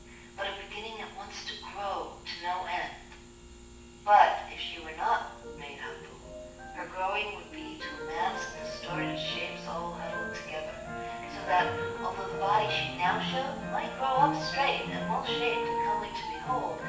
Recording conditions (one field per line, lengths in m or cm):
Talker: one person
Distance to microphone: 9.8 m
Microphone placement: far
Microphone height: 1.8 m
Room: large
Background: music